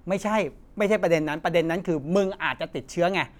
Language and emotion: Thai, frustrated